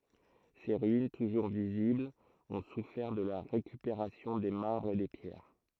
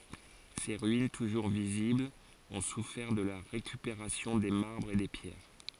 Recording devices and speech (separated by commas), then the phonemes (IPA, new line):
throat microphone, forehead accelerometer, read sentence
se ʁyin tuʒuʁ viziblz ɔ̃ sufɛʁ də la ʁekypeʁasjɔ̃ de maʁbʁz e de pjɛʁ